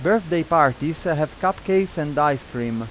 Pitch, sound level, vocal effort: 160 Hz, 91 dB SPL, loud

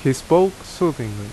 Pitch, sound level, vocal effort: 135 Hz, 81 dB SPL, very loud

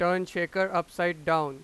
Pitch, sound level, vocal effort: 175 Hz, 98 dB SPL, very loud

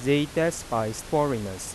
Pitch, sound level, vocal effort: 125 Hz, 90 dB SPL, normal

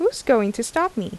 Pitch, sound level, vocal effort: 255 Hz, 83 dB SPL, normal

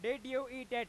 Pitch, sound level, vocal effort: 255 Hz, 106 dB SPL, very loud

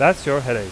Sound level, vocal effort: 93 dB SPL, very loud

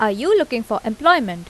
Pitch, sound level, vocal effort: 225 Hz, 88 dB SPL, normal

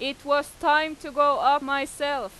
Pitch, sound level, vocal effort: 285 Hz, 97 dB SPL, very loud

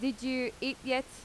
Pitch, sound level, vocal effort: 260 Hz, 86 dB SPL, loud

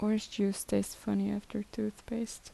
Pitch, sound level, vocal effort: 205 Hz, 72 dB SPL, soft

